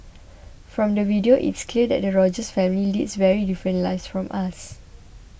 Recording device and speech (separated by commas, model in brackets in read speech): boundary microphone (BM630), read sentence